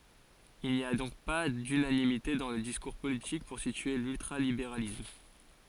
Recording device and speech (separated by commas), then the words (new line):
forehead accelerometer, read sentence
Il n'y a donc pas d'unanimité dans le discours politique pour situer l'ultra-libéralisme.